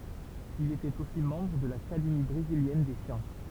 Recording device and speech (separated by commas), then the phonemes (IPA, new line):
temple vibration pickup, read sentence
il etɛt osi mɑ̃bʁ də lakademi bʁeziljɛn de sjɑ̃s